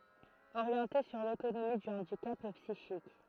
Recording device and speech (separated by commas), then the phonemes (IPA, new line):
throat microphone, read sentence
oʁjɑ̃te syʁ lotonomi dy ɑ̃dikap psiʃik